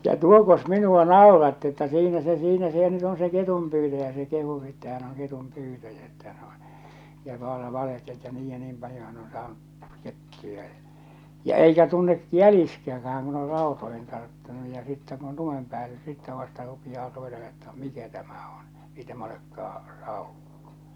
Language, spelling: Finnish, ja tuokos minua nauratti että siinä se siinä se nyt on se ketunpyytäjä se kehui että hän on ketunpyytäjä että hän on ja - valehteli että niin ja niin paljon hän on saanut kettuja ja ja eikä tunne jäljistäkään kun on rautoihin tarttunut ja sitten kun on lumen päällä sitten vasta rupeaa tuota että mikä tämä on ei tämä olekaan saukko
- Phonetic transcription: ja "tuokos "minu₍a "nàoratti että 'siinä se 'siinä se nyt ‿on se 'ketumpyytäjä se kehu että hän ‿oŋ 'ketum'pyytäjä että hän ‿o , ja vala- , 'valehteli että 'niij ja 'niim paljo hän on saanu’ , 'kettuja ja , ja 'eikä tunne , "jälistäka̳a̳ŋ kun ‿or "ràotoihin tarttunu ja sittä kun (on) "lumem päällᴀ̈ sittä vasta rupijaa (tuota) että 'mikä tämä on , 'ei tämä olekkaa , 'sàokko !

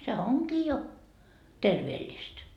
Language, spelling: Finnish, se onkin jo terveellistä
- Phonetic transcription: se "oŋkii jo , 'terveeĺĺist .

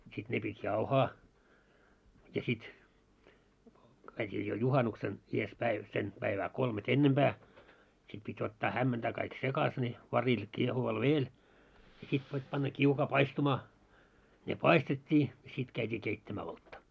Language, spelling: Finnish, sitten ne piti jauhaa ja sitten käytiin jo juhannuksena edessä päin sen päivää kolmea ennempää sitten piti ottaa hämmentää kaikki sekaisin ne varillä kiehuvalla vedellä ja sitten piti panna kiukaaseen paistumaan ne paistettiin ja sitten käytiin keittämään olutta
- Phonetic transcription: sit 'ne pit́ "jauhaa , ja sit , käit́ii jo 'juhanuksen , ies 'päiv sen , päivä 'kolme"t ‿ennemʙää , sit pit́ ottaa 'hämmentää kaik "sekas ne , 'varil 'kiehuval "veel , ja sit pit́ panna 'kiukaa "paistumaa , ne "paistet́t́ii , ja sit käit́ii keittämää 'oltta .

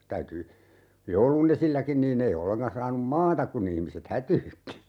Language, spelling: Finnish, täytyi joulun esilläkin niin ei ollenkaan saanut maata kun ihmiset hätyytti
- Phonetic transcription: 'täyty , "joulu'n ‿esilläkin niin'n ‿ei 'olleŋkan 'saanum "maatak ku'n ‿ihmiset "hätyytti .

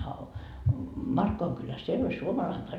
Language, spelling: Finnish, a - Markkovan kylässä siellä oli suomalainen paimen
- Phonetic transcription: a o- , 'Markkovaŋ kyläs "siel ‿oĺ "suomalaim paime .

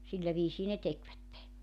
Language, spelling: Finnish, sillä viisiin ne tekivät
- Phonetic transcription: 'sillä viisii ne 'tekvätte .

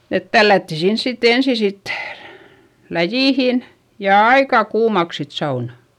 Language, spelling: Finnish, että tällättiin sinne sitten ensin sitten läjiin ja aika kuumaksi sitten sauna
- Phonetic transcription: et tällätti sins sitt ‿ensi sit , läjìhin , ja aikà kuumaks sit saunA .

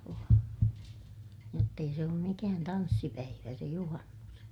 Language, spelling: Finnish, joo jotta ei se ole mikään tanssipäivä se juhannus
- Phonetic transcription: joo , jott ‿ei se oom mikään tanssipäivä se juhannus .

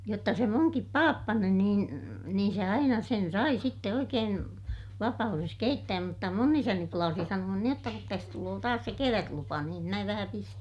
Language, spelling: Finnish, jotta se minunkin pappani niin niin se aina sen sai sitten oikein vapaudessa keittää mutta minun isäni plaasi sanoa niin jotta kun tässä tulee taas se kevätlupa niin minä vähän pistän
- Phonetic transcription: jotta se muŋkip paappani niin , niin̬ se aina sen sai sitte oikeen , vapa₍ures keittääm mutta mun ‿isäni plaasi sanu₍an niij jotta » kut täs tuloo taas se kevätlupa niim mä vähä pistän » .

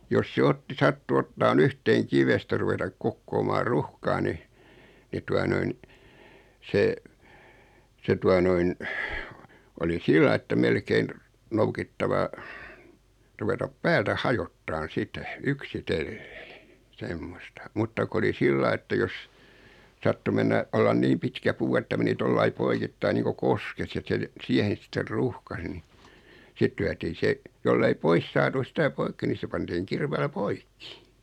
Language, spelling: Finnish, jos se otti sattui ottamaan yhteen kivestä ruveta kokoamaan ruuhkaa niin niin tuota noin se se tuota noin oli sillä lailla että melkein noukittava ruveta päältä hajottamaan sitä yksitellen semmoista mutta kun oli sillä lailla että jos sattui mennä olla niin pitkä puu että meni tuolla lailla poikittain niin kuin koskessa ja että se siihen sitten ruuhkasi niin sitten lyötiin se jos ei pois saatu sitä poikki niin se pantiin kirveellä poikki
- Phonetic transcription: 'jos se 'otti 'sattu 'ottaan "yhteeŋ 'kivestä ruvetak 'kokkoomaar "ruhkaa ni , 'ni tua 'noin , 'se , 'se tua noin , oli 'sillai että 'melkein , 'noukittava , 'ruvetap "päältä 'hajottaan "sitɛ , "yksitellᴇᴇ , 'semmosta , 'mutta ko oli 'sillai että jos , 'sattu mennä , 'ollan "niim pitkä 'puu että meni 'tollai "poikittaiⁿ 'niiko "koskes (ja) et se , 'siehen̬ sitter "ruhkas ⁿⁱ 'sit lyätii 'se , 'jollei "pois saatu 'sitä poikki ni 'se pantiiŋ 'kirveelä "poikki .

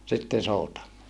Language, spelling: Finnish, sitten soutamaan
- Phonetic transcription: sitten̬ souta(moa) .

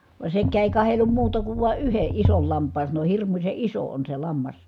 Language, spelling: Finnish, vaan sekään ei katsellut muuta kuin vain yhden ison lampaan sanoi hirmuisen iso on se lammas
- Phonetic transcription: vaᵉ sekkää èi̮ kahellum muuta kuv vàe yheʼ ʼisol lamp̀aan sano » hirmuse iso on se lammas » .

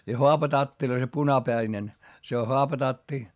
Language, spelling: Finnish, ja haapatatteja se punapäinen se on haapatatti
- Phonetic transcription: ja hoapatattiˡᵒⁱ se punapäinen , se o hoapatatti .

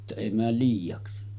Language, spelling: Finnish, että ei mene liiaksi
- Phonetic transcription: että 'èi määl liijaksi .

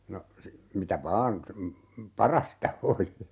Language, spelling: Finnish, no - mitä vain parasta oli
- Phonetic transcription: no , si- , 'mitä "vaan , "parasta 'oli .

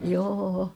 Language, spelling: Finnish, joo
- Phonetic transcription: 'joo₍o .

